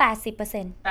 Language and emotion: Thai, frustrated